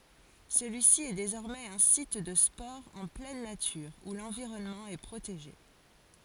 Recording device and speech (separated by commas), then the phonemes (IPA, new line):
forehead accelerometer, read sentence
səlyisi ɛ dezɔʁmɛz œ̃ sit də spɔʁz ɑ̃ plɛn natyʁ u lɑ̃viʁɔnmɑ̃ ɛ pʁoteʒe